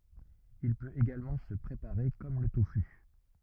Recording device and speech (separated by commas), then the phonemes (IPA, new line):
rigid in-ear microphone, read sentence
il pøt eɡalmɑ̃ sə pʁepaʁe kɔm lə tofy